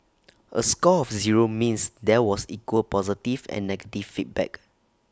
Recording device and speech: standing microphone (AKG C214), read sentence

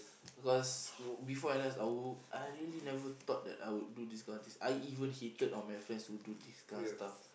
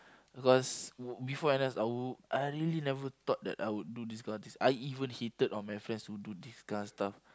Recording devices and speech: boundary microphone, close-talking microphone, conversation in the same room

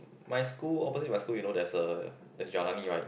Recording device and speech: boundary microphone, conversation in the same room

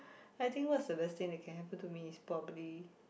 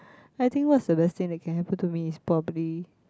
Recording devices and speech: boundary microphone, close-talking microphone, conversation in the same room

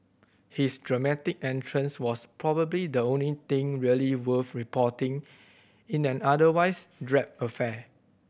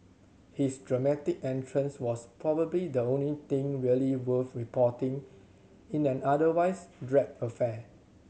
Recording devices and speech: boundary microphone (BM630), mobile phone (Samsung C7100), read sentence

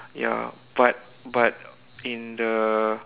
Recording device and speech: telephone, conversation in separate rooms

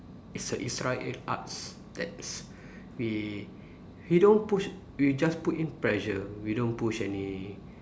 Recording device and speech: standing microphone, conversation in separate rooms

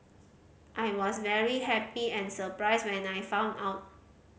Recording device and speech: mobile phone (Samsung C5010), read sentence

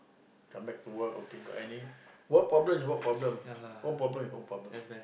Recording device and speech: boundary microphone, conversation in the same room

